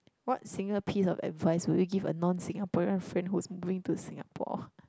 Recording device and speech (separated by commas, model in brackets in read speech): close-talking microphone, conversation in the same room